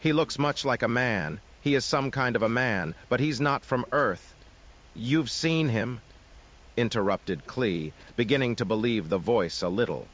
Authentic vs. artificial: artificial